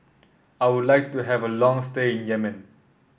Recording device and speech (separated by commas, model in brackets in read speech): boundary microphone (BM630), read sentence